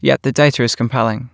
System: none